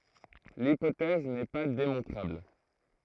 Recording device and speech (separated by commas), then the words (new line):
throat microphone, read sentence
L'hypothèse n'est pas démontrable.